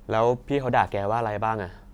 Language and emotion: Thai, neutral